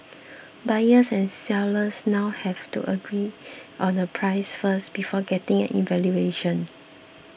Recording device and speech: boundary microphone (BM630), read sentence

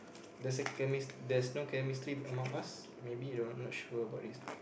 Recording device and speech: boundary microphone, conversation in the same room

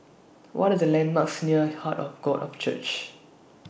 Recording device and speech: boundary microphone (BM630), read sentence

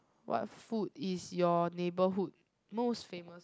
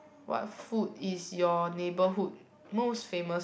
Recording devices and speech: close-talking microphone, boundary microphone, conversation in the same room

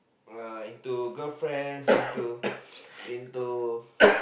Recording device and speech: boundary microphone, conversation in the same room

